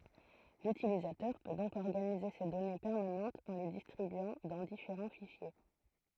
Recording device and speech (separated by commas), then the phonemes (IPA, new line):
throat microphone, read sentence
lytilizatœʁ pø dɔ̃k ɔʁɡanize se dɔne pɛʁmanɑ̃tz ɑ̃ le distʁibyɑ̃ dɑ̃ difeʁɑ̃ fiʃje